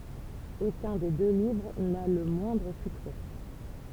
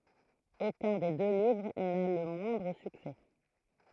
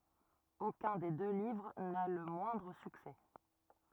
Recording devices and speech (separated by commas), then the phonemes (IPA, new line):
temple vibration pickup, throat microphone, rigid in-ear microphone, read sentence
okœ̃ de dø livʁ na lə mwɛ̃dʁ syksɛ